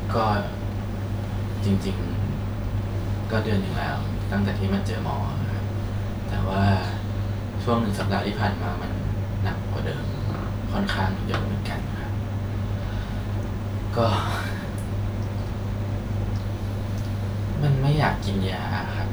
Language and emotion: Thai, sad